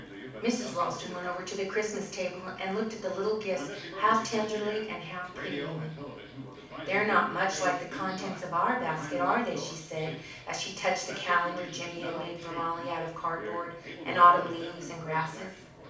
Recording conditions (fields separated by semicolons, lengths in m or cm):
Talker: one person; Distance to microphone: 5.8 m; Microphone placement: far; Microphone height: 1.8 m; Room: medium-sized (5.7 m by 4.0 m); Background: television